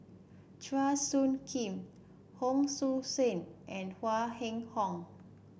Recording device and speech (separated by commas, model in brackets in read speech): boundary microphone (BM630), read sentence